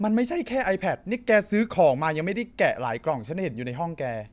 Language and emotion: Thai, angry